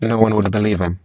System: VC, spectral filtering